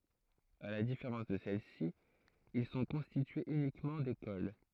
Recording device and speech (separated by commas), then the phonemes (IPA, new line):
throat microphone, read sentence
a la difeʁɑ̃s də sɛlɛsi il sɔ̃ kɔ̃stityez ynikmɑ̃ dekol